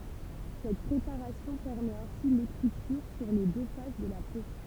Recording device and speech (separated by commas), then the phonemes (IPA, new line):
temple vibration pickup, read sentence
sɛt pʁepaʁasjɔ̃ pɛʁmɛt ɛ̃si lekʁityʁ syʁ le dø fas də la po